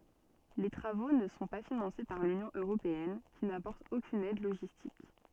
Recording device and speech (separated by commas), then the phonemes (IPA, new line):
soft in-ear microphone, read sentence
le tʁavo nə sɔ̃ pa finɑ̃se paʁ lynjɔ̃ øʁopeɛn ki napɔʁt okyn ɛd loʒistik